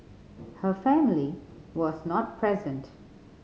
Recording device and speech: mobile phone (Samsung C5010), read sentence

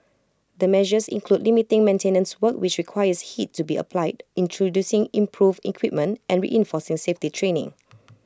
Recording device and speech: close-talking microphone (WH20), read sentence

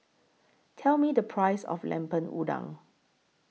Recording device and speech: mobile phone (iPhone 6), read sentence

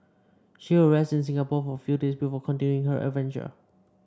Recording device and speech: standing microphone (AKG C214), read sentence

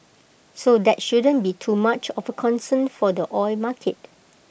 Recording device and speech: boundary microphone (BM630), read sentence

